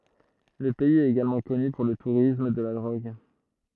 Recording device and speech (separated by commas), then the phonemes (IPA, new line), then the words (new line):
throat microphone, read sentence
lə pɛiz ɛt eɡalmɑ̃ kɔny puʁ lə tuʁism də la dʁoɡ
Le pays est également connu pour le tourisme de la drogue.